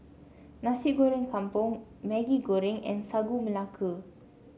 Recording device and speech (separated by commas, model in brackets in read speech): mobile phone (Samsung C7), read sentence